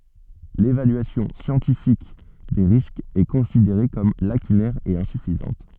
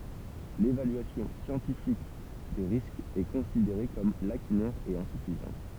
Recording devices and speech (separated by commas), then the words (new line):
soft in-ear microphone, temple vibration pickup, read sentence
L'évaluation scientifique des risques est considérée comme lacunaire et insuffisante.